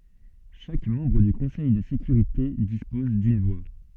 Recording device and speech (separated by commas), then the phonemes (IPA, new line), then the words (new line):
soft in-ear microphone, read sentence
ʃak mɑ̃bʁ dy kɔ̃sɛj də sekyʁite dispɔz dyn vwa
Chaque membre du Conseil de sécurité dispose d'une voix.